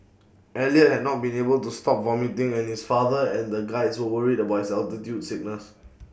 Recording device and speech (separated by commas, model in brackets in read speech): boundary microphone (BM630), read sentence